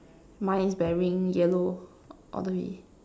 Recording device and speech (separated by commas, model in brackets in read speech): standing microphone, conversation in separate rooms